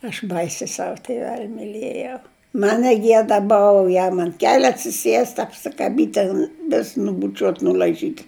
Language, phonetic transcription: Lithuanian, aš ˈbaisi ˈsav tiˈvel' miˈlėjau ˈman neˈgieda ˈbova ˈjam ant ˈkeliu atsiˈsiest' apsikaˈbyt' ten vis nubuˈčiuot' nul'aiˈžyt'

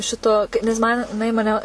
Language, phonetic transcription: Lithuanian, ˈšito nes ˈman jiˈnai maˈne

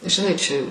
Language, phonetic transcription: Lithuanian, žiˈnai čia

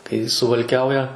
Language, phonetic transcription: Lithuanian, kai suvalˈkiauja

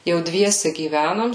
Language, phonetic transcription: Lithuanian, jau ˈdviese gyˈvænom

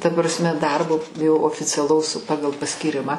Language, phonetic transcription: Lithuanian, ta prasˈme ˈdarbo jau oficiaˈlaus ˈpagal paskyˈrimą

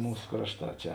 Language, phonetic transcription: Lithuanian, ˈmūs ˈkrašˌtā ˈčia

